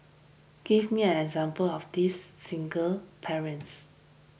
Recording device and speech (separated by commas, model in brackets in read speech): boundary microphone (BM630), read sentence